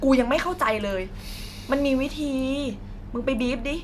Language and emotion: Thai, angry